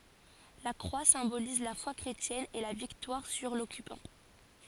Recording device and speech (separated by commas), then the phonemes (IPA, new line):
forehead accelerometer, read sentence
la kʁwa sɛ̃boliz la fwa kʁetjɛn e la viktwaʁ syʁ lɔkypɑ̃